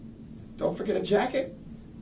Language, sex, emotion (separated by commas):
English, male, happy